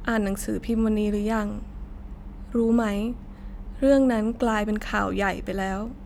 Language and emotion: Thai, frustrated